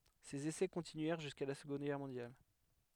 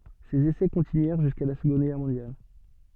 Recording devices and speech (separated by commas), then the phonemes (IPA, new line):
headset microphone, soft in-ear microphone, read sentence
sez esɛ kɔ̃tinyɛʁ ʒyska la səɡɔ̃d ɡɛʁ mɔ̃djal